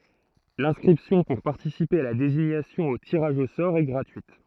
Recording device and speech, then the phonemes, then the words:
throat microphone, read sentence
lɛ̃skʁipsjɔ̃ puʁ paʁtisipe a la deziɲasjɔ̃ o tiʁaʒ o sɔʁ ɛ ɡʁatyit
L’inscription pour participer à la désignation au tirage au sort est gratuite.

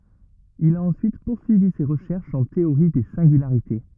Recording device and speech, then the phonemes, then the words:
rigid in-ear microphone, read sentence
il a ɑ̃syit puʁsyivi se ʁəʃɛʁʃz ɑ̃ teoʁi de sɛ̃ɡylaʁite
Il a ensuite poursuivi ses recherches en théorie des singularités.

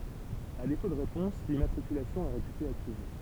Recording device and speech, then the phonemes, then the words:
temple vibration pickup, read sentence
a defo də ʁepɔ̃s limmatʁikylasjɔ̃ ɛ ʁepyte akiz
À défaut de réponse, l’immatriculation est réputée acquise.

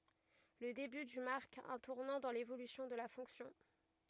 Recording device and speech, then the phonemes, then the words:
rigid in-ear microphone, read sentence
lə deby dy maʁk œ̃ tuʁnɑ̃ dɑ̃ levolysjɔ̃ də la fɔ̃ksjɔ̃
Le début du marque un tournant dans l'évolution de la fonction.

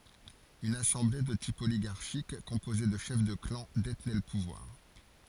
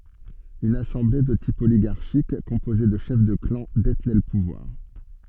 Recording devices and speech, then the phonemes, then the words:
forehead accelerometer, soft in-ear microphone, read sentence
yn asɑ̃ble də tip oliɡaʁʃik kɔ̃poze də ʃɛf də klɑ̃ detnɛ lə puvwaʁ
Une assemblée, de type oligarchique, composée de chefs de clans, détenait le pouvoir.

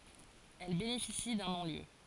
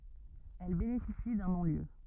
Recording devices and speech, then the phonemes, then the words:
forehead accelerometer, rigid in-ear microphone, read sentence
ɛl benefisi dœ̃ nɔ̃ljø
Elle bénéficie d'un non-lieu.

